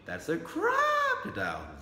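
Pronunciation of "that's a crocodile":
'That's a crocodile' is said in surprise, not as a question: the voice goes up and then tails off at the end.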